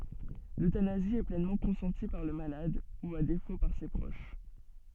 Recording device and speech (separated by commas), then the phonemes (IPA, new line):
soft in-ear microphone, read sentence
løtanazi ɛ plɛnmɑ̃ kɔ̃sɑ̃ti paʁ lə malad u a defo paʁ se pʁoʃ